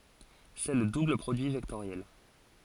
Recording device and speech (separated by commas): forehead accelerometer, read sentence